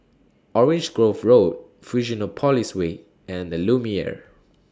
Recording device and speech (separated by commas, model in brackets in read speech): standing microphone (AKG C214), read sentence